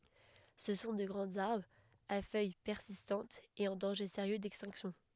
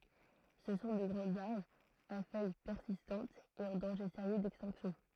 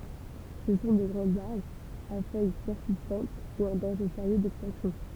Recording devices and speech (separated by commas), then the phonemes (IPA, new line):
headset microphone, throat microphone, temple vibration pickup, read sentence
sə sɔ̃ də ɡʁɑ̃z aʁbʁz a fœj pɛʁsistɑ̃tz e ɑ̃ dɑ̃ʒe seʁjø dɛkstɛ̃ksjɔ̃